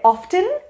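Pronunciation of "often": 'often' is pronounced incorrectly here.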